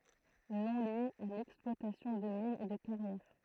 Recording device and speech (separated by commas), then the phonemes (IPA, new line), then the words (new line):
throat microphone, read sentence
nɔ̃ lje a lɛksplwatasjɔ̃ də minz e də kaʁjɛʁ
Nom lié à l’exploitation de mines et de carrières.